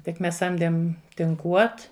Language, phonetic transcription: Lithuanian, tik ˈmes ˈsamdėm tinˈkuot

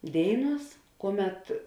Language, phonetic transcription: Lithuanian, ˈdėiˌnuos ˈkuoˌmet

